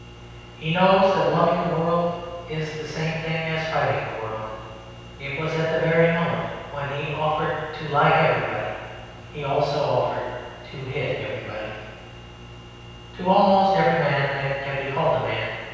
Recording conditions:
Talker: one person; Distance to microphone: 7.1 m; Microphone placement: far; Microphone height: 1.7 m; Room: very reverberant, large; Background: none

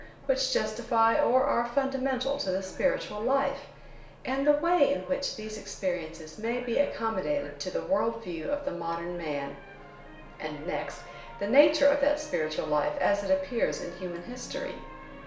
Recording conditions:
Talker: one person; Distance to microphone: 1.0 m; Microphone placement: close; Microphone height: 1.1 m; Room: small (3.7 m by 2.7 m); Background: television

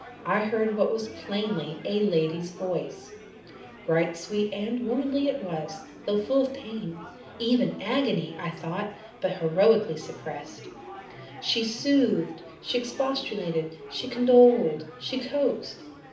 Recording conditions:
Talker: one person; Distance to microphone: 2.0 m; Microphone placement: close; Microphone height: 99 cm; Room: medium-sized (5.7 m by 4.0 m); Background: babble

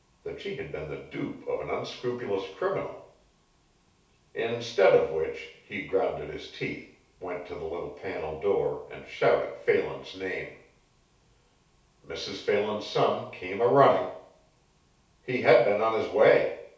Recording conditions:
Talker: one person; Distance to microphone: 3.0 m; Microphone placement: far; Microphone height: 1.8 m; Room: small (3.7 m by 2.7 m); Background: none

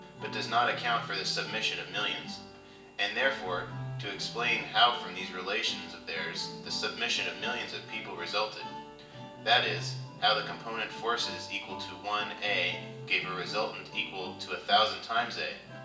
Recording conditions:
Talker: one person; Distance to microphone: 1.8 m; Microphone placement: close; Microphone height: 1.0 m; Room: large; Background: music

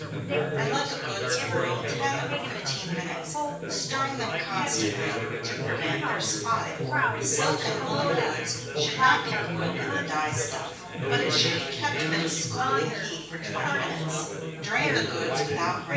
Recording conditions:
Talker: one person; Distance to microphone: 9.8 m; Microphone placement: far; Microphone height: 1.8 m; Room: large; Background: babble

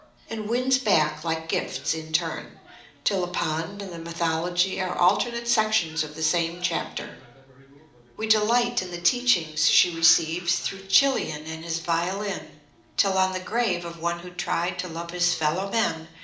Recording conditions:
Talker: one person; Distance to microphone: 2.0 m; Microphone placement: close; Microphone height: 99 cm; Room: medium-sized (5.7 m by 4.0 m); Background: television

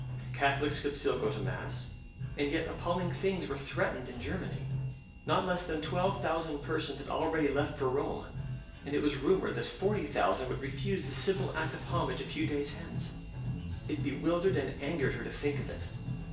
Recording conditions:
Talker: one person; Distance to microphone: 1.8 m; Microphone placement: close; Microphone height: 1.0 m; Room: large; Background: music

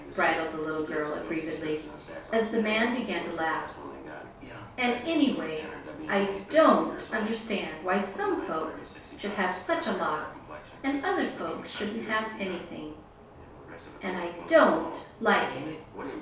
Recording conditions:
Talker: one person; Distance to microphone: 3.0 m; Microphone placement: far; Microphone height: 1.8 m; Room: small (3.7 m by 2.7 m); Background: television

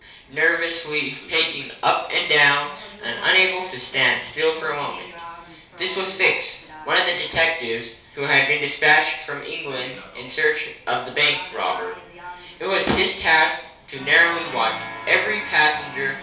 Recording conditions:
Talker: one person; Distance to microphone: 3.0 m; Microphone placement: far; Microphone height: 1.8 m; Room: small (3.7 m by 2.7 m); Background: television

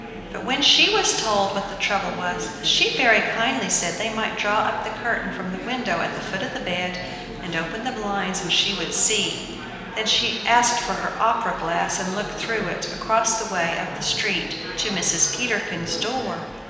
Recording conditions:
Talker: one person; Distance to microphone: 1.7 m; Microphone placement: close; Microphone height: 1.0 m; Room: very reverberant, large; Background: babble

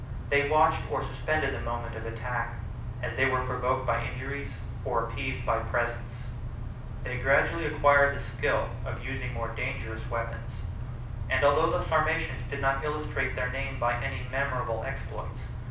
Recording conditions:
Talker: one person; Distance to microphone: 5.8 m; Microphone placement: far; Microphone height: 1.8 m; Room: medium-sized (5.7 m by 4.0 m); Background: none

